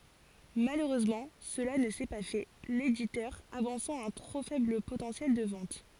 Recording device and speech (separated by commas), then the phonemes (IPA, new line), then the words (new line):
forehead accelerometer, read sentence
maløʁøzmɑ̃ səla nə sɛ pa fɛ leditœʁ avɑ̃sɑ̃ œ̃ tʁo fɛbl potɑ̃sjɛl də vɑ̃t
Malheureusement cela ne s'est pas fait, l'éditeur avançant un trop faible potentiel de ventes.